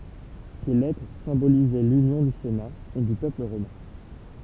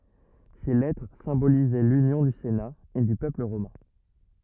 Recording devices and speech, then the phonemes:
temple vibration pickup, rigid in-ear microphone, read sentence
se lɛtʁ sɛ̃bolizɛ lynjɔ̃ dy sena e dy pøpl ʁomɛ̃

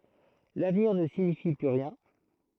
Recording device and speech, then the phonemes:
throat microphone, read sentence
lavniʁ nə siɲifi ply ʁjɛ̃

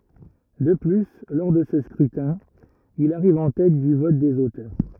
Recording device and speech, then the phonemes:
rigid in-ear microphone, read sentence
də ply lɔʁ də sə skʁytɛ̃ il aʁiv ɑ̃ tɛt dy vɔt dez otœʁ

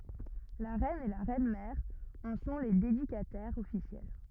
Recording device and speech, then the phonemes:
rigid in-ear microphone, read sentence
la ʁɛn e la ʁɛnmɛʁ ɑ̃ sɔ̃ le dedikatɛʁz ɔfisjɛl

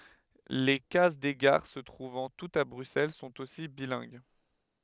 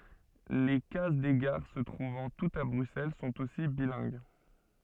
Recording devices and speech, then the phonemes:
headset microphone, soft in-ear microphone, read sentence
le kaz de ɡaʁ sə tʁuvɑ̃ tutz a bʁyksɛl sɔ̃t osi bilɛ̃ɡ

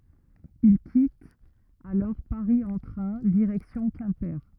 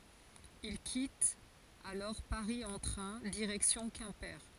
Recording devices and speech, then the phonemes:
rigid in-ear microphone, forehead accelerometer, read sentence
il kitt alɔʁ paʁi ɑ̃ tʁɛ̃ diʁɛksjɔ̃ kɛ̃pe

